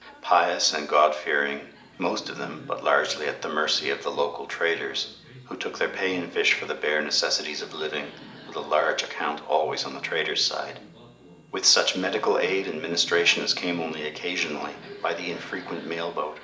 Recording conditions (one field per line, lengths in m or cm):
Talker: one person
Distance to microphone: 1.8 m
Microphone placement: close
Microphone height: 1.0 m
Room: large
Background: television